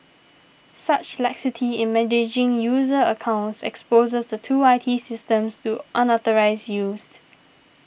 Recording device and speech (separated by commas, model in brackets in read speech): boundary microphone (BM630), read sentence